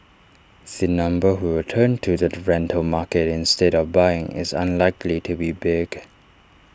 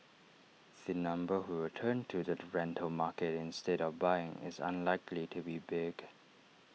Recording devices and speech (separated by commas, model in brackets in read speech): standing microphone (AKG C214), mobile phone (iPhone 6), read sentence